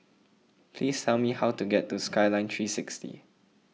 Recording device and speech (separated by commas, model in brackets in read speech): mobile phone (iPhone 6), read sentence